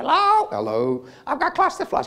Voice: high voice